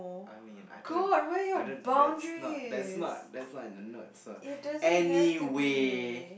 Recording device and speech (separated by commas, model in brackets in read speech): boundary microphone, conversation in the same room